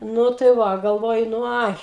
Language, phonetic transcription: Lithuanian, ˈnu tai ˈva galˈvoju nu ˈai

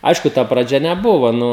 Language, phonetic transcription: Lithuanian, ˈaišku ta praˈdžia neˈbuvo ˈnu

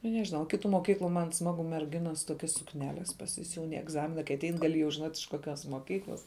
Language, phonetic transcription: Lithuanian, nu nežiˈnau ˈkitu moˈkyklu man ˈsmagu merˈginas ˈtokias sukˈneles pasiˈsiūn i egˈzamina kai aˈtein gaˈli jau žiˈnot' iš koˈkios moˈkyklas

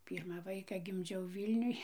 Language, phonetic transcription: Lithuanian, ˈpyrmą ˈvaika gimˈdžiau ˈvylniuj

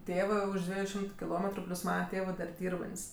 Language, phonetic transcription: Lithuanian, ˈtėvɜ ˈuž ˈdvieju ˈšimtu kiˈlometru ˈplius ˈmana ˈtėvɜ dar ˈdyrbant's'

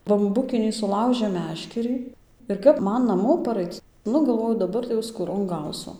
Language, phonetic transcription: Lithuanian, bamˈbukinį suˈlaužėm ˈmeškerį ir ˈkap ˈman naˈmo paˈraic ˈnu galˈvoju daˈbar tai jau skūˈron ˈgausu

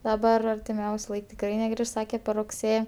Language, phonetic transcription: Lithuanian, daˈbar artiˈmiausiu ˈlaik tikˈrai neˈgriš ˈsake per rugˈsė

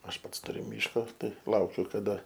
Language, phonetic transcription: Lithuanian, ˈaš ˈpats tuˈriu ˈmyško ˈtai ˈlaukiu kaˈda

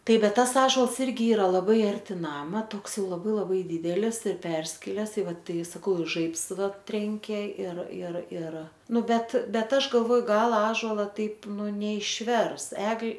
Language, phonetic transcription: Lithuanian, ˈtaip ˈbet ˈtas ˈąžols ˈirgi ˈyra laˈbai arˈti ˈnama ˈtoks ˈjau laˈbai laˈbai ˈdydelis ir ˈperskiles i ˈva ˈtai saˈkau i ˈžaibs ˈva ˈtrenkė ir ir ir ˈnu ˈbet ˈbet ˈaš galˈvoju ˈgal ˈąžola ˈtaip ˈnu neišˈvers ˈegl'

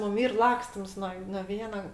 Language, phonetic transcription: Lithuanian, ˈmum ˈyr ˈlakstims nuo no ˈviena

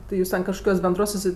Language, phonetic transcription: Lithuanian, ˈti jūs ten kažkoˈkiuos benˈdruos suˈsi

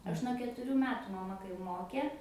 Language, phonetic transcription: Lithuanian, ˈaš nuo ketuˈrių ˈmetu maˈma kai ˈmokė

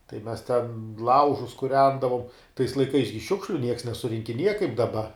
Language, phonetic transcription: Lithuanian, tai ˈmes ˈten ˈlaužus kuˈrendavom tais laiˈkais gi ˈšiukšliu nieks nesurinkiˈnieja kaip daˈba

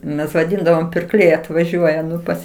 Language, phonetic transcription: Lithuanian, mes vaˈdindavom pirˈkliai atvaˈžiuoja ˈnu ˈpas

